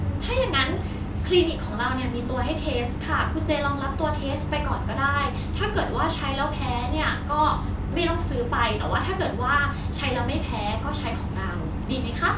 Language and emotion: Thai, happy